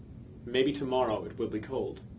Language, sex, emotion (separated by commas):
English, male, neutral